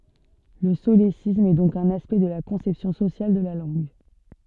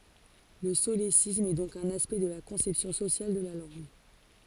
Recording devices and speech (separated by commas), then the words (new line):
soft in-ear microphone, forehead accelerometer, read sentence
Le solécisme est donc un aspect de la conception sociale de la langue.